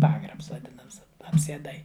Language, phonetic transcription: Lithuanian, ˈpagrabs vaˈdinams apsieˈdai

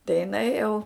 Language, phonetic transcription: Lithuanian, tai jiˈnai jau

